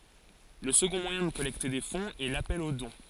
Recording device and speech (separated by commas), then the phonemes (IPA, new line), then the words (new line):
forehead accelerometer, read sentence
lə səɡɔ̃ mwajɛ̃ də kɔlɛkte de fɔ̃z ɛ lapɛl o dɔ̃
Le second moyen de collecter des fonds est l’appel au don.